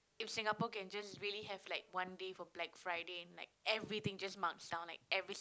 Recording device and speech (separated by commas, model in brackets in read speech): close-talking microphone, conversation in the same room